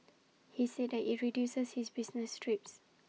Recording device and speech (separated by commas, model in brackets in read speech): mobile phone (iPhone 6), read sentence